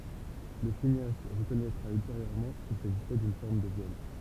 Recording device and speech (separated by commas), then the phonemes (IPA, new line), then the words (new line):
temple vibration pickup, read sentence
lə sineast ʁəkɔnɛtʁa ylteʁjøʁmɑ̃ kil saʒisɛ dyn fɔʁm də vjɔl
Le cinéaste reconnaîtra ultérieurement qu'il s'agissait d'une forme de viol.